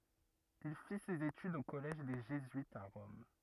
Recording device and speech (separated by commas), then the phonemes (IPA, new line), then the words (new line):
rigid in-ear microphone, read sentence
il fi sez etydz o kɔlɛʒ de ʒezyitz a ʁɔm
Il fit ses études au collège des jésuites à Rome.